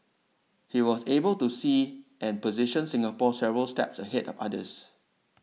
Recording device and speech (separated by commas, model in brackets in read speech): mobile phone (iPhone 6), read sentence